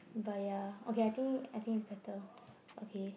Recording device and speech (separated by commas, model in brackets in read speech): boundary microphone, conversation in the same room